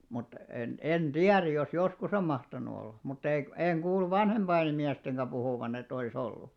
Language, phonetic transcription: Finnish, mut , en 'en "ᴅiär jos 'joskus ‿om 'mahtanu olla , mut 'ei , 'eeŋ 'ɢuullu "vanhemʙaiŋɢᵃ 'miästeŋɢä 'ʙuhùvan ‿et ‿oˡi's ‿ollu .
- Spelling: mutta en en tiedä jos joskus on mahtanut olla mutta ei en kuullut vanhempien miestenkään puhuvan että olisi ollut

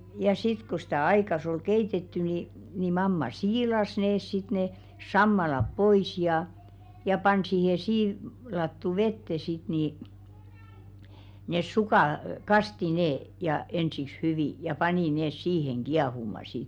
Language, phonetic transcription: Finnish, ja 'sit ku stä̀ "aikas ‿ol 'keitetty ni , ni 'mamma "siilas nees sit ne , 'sammalap pois jà , ja 'pan siihe 'sii- , -lattu "vette sit nì , nes 'sukà , "kasti 'nee , ja ensiks "hyvì , ja 'panì nees 'siiheŋ "ɢiahuma sit .
- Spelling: ja sitten kun sitä aikansa oli keitetty niin niin mamma siilasi ne sitten ne sammaleet pois ja ja pani siihen - siilattuun veteen sitten niin ne sukat kastoi ne ja ensiksi hyvin ja pani ne siihen kiehumaan sitten

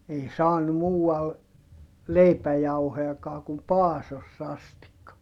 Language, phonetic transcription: Finnish, ei saanu muu₍al , leipäjauhojakaa kum Paasoss ‿astikka .
- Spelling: ei saanut muualla leipäjauhojakaan kuin Paasossa asti

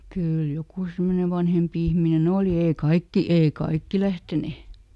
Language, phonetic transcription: Finnish, ˈkyyl ˈjokù ˈsemmone "vanhempi ˈihmine"n ‿òli ee ˈkaikki , ˈei "kaikki lähtene .
- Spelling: kyllä joku semmoinen vanhempi ihminen oli ei kaikki ei kaikki lähteneet

